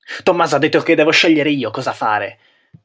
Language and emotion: Italian, angry